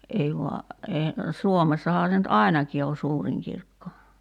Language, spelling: Finnish, ei vain ei Suomessahan se nyt ainakin on suurin kirkko
- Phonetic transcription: '’ei voa , ee , 'Suomessahaa se nyt "’ài̬naki o 'suuriŋ kirkko .

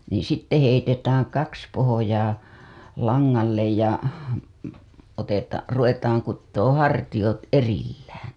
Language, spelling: Finnish, niin sitten heitetään kaksi pohjaa langalle ja - ruvetaan kutomaan hartiat erillään
- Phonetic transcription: niiḭ sitte heitetääŋ 'kaks pohojaa , 'laŋŋallej ja , oteta- , ruvetaaŋ kuttooo̰ 'hartijot "erillääN .

